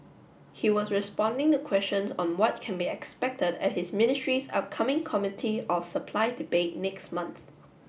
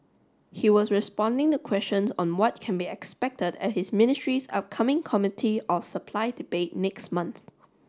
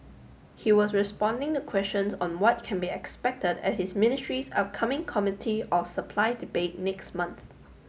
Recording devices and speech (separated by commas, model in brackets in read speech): boundary microphone (BM630), standing microphone (AKG C214), mobile phone (Samsung S8), read sentence